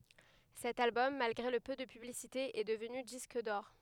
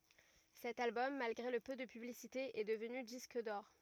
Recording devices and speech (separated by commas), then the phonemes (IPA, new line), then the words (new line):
headset microphone, rigid in-ear microphone, read sentence
sɛt albɔm malɡʁe lə pø də pyblisite ɛ dəvny disk dɔʁ
Cet album, malgré le peu de publicité, est devenu disque d'or.